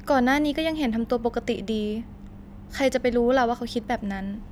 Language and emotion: Thai, neutral